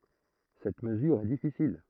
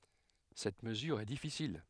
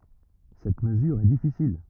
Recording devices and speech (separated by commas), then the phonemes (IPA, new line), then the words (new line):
throat microphone, headset microphone, rigid in-ear microphone, read sentence
sɛt məzyʁ ɛ difisil
Cette mesure est difficile.